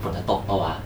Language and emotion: Thai, neutral